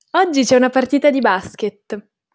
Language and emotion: Italian, happy